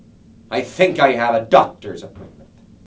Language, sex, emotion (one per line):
English
male
angry